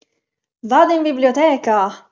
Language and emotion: Italian, happy